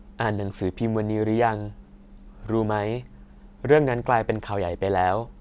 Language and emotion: Thai, neutral